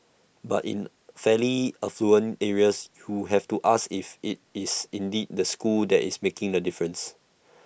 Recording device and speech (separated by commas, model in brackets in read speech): boundary microphone (BM630), read sentence